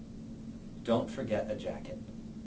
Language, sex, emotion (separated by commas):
English, male, neutral